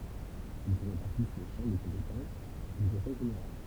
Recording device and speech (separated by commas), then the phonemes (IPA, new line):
temple vibration pickup, read sentence
il sə ʁepaʁtis le ʃɑ̃ də kɔ̃petɑ̃s dy kɔ̃sɛj ʒeneʁal